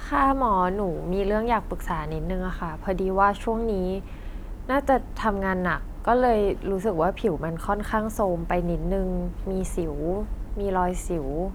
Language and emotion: Thai, frustrated